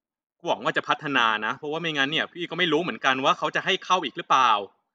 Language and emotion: Thai, angry